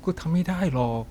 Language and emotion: Thai, sad